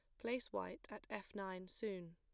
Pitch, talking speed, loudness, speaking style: 195 Hz, 185 wpm, -47 LUFS, plain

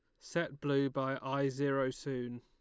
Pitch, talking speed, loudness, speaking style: 135 Hz, 165 wpm, -36 LUFS, Lombard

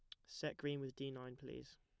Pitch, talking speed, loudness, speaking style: 135 Hz, 235 wpm, -48 LUFS, plain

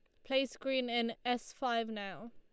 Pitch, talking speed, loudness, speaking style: 235 Hz, 175 wpm, -36 LUFS, Lombard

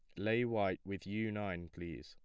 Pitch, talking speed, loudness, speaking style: 100 Hz, 195 wpm, -39 LUFS, plain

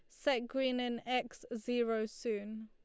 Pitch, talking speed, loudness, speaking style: 240 Hz, 145 wpm, -37 LUFS, Lombard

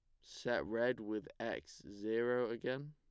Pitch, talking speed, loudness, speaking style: 120 Hz, 135 wpm, -40 LUFS, plain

